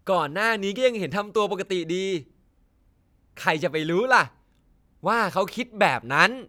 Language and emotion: Thai, happy